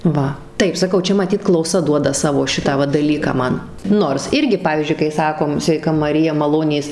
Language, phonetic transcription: Lithuanian, ˈva ˈtaip saˈkau ˈčia maˈtyt klauˈsa ˈduoda ˈsavo ˈšitą va daˈlyką ˈman ˈnors ˈirgi ˈpavyzdžiui kai ˈsakom sveiˈka maˈrija maˈlonės

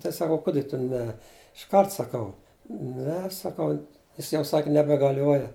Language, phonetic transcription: Lithuanian, tai saˈkau ˈkudi tu ˈne išˈkart saˈkau ˈne saˈkau ˈjis jau ˈsak' nebegaˈliuoja

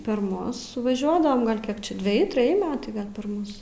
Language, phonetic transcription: Lithuanian, per ˈmus suvaˈžiuodavam gal' ˈkiek či dveˈji treˈji ˈmetai ˈgal' per ˈmus

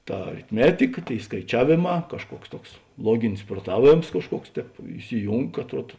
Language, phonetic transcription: Lithuanian, ˈta aritˈmetika ˈtėi skaiˈčiavėˌmā kažˈkuoks ˈtuoks ˈluoginis pruoˈtaˌvėms kažˈkuoks ˈtēp isiˈjūng atˈruod

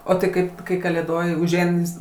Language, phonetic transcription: Lithuanian, o tai ˈkaip kai kalėˈdoj užˈein jis

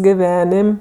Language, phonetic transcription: Lithuanian, giˈvenim'

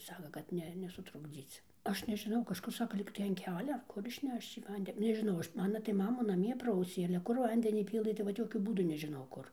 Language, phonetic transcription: Lithuanian, ˈsaka kad ˈne nesutrukˈdzyc ˈaš nežiˈnau kažˈkur ˈsaka ˈlygtai an ˈkelia ar ˈkur išˈnešč į ˈvande nežiˈnau ˈaš ˈmana tai ˈmamu naˈmie ˈprausė ale ˈkur ˈvandenį ˈpylɘ tai vat ˈjokiu ˈbūdu nežiˈnau ˈkur

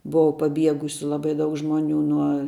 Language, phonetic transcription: Lithuanian, ˈbuva paˈbiegusiu ˈlabai ˈdaug ˈžmoniu nuo

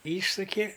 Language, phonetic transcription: Lithuanian, ˈyšsuki

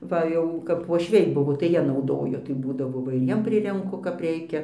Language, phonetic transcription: Lithuanian, ˈva jau kap vuošˈviai ˈbuvo tai ˈjie nauˈdojo tai ˈbūdavo ˈva ir ˈjiem ˈprirenku kap ˈreikia

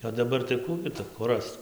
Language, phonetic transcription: Lithuanian, o daˈbar tai ˈkų gi tu kur ˈrasc

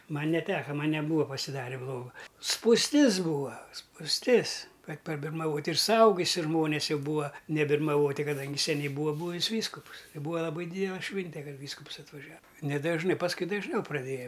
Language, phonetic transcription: Lithuanian, ˈman' neˈteka ˈman' neˈbūa pasiˈdarė ˈbloga spūsˈtis ˈbūa spūsˈtis ˈkad pabirmaˈvot' ir suˈaugusi ˈžmones ˈjau ˈbūa nebirmaˈvoti kaˈdangi seˈniai ˈbūa ˈbūvis ˈvyskupus i ˈbūa laˈbai ˈdydela ˈšvinte ˈkad ˈvyskups atvaˈžia nedažˈnɨ pasˈkui dažˈniau praˈdėja

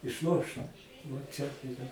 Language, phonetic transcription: Lithuanian, išˈlošt vo ˈčia tai iˈra

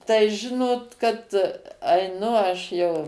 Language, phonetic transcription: Lithuanian, tai ˈžinot kad aiˈnu ˈaš jau

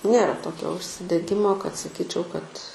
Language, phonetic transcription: Lithuanian, ˈnėra ˈtokio užsideˈgimo kad saˈkyčiau kad

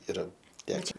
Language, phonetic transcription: Lithuanian, iˈra ˈteke

